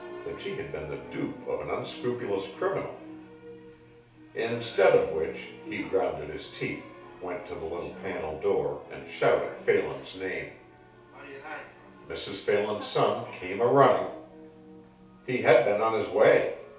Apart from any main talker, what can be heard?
A television.